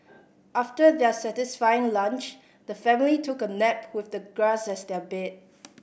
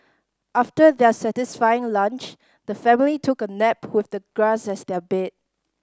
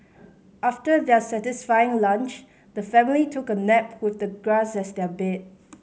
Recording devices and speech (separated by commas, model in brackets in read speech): boundary microphone (BM630), standing microphone (AKG C214), mobile phone (Samsung C5010), read sentence